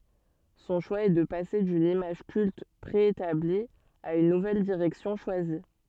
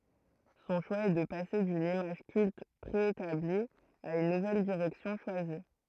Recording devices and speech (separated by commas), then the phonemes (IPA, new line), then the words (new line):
soft in-ear microphone, throat microphone, read sentence
sɔ̃ ʃwa ɛ də pase dyn imaʒ kylt pʁeetabli a yn nuvɛl diʁɛksjɔ̃ ʃwazi
Son choix est de passer d'une image culte préétablie à une nouvelle direction choisie.